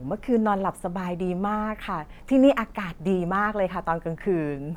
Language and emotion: Thai, happy